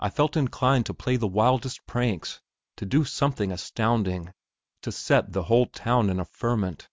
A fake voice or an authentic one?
authentic